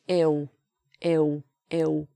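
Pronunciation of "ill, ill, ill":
'Ill' is said here the way a Cockney speaker says it.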